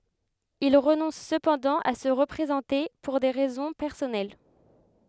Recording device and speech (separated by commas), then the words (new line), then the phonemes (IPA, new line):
headset microphone, read sentence
Il renonce cependant à se représenter, pour des raisons personnelles.
il ʁənɔ̃s səpɑ̃dɑ̃ a sə ʁəpʁezɑ̃te puʁ de ʁɛzɔ̃ pɛʁsɔnɛl